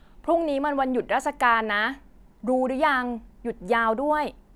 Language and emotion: Thai, neutral